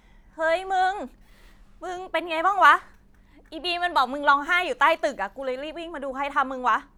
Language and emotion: Thai, neutral